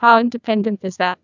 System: TTS, neural waveform model